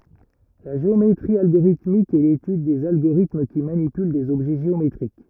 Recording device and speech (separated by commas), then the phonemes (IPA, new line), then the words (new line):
rigid in-ear microphone, read sentence
la ʒeometʁi alɡoʁitmik ɛ letyd dez aɡoʁitm ki manipyl dez ɔbʒɛ ʒeometʁik
La géométrie algorithmique est l'étude des agorithmes qui manipulent des objets géométriques.